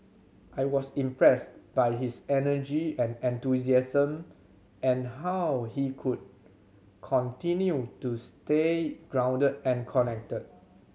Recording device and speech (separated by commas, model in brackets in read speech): mobile phone (Samsung C7100), read sentence